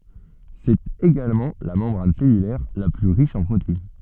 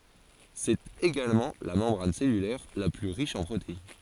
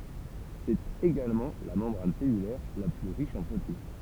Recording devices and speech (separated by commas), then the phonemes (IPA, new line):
soft in-ear microphone, forehead accelerometer, temple vibration pickup, read sentence
sɛt eɡalmɑ̃ la mɑ̃bʁan sɛlylɛʁ la ply ʁiʃ ɑ̃ pʁotein